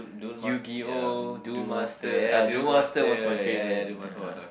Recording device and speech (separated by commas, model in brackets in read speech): boundary microphone, conversation in the same room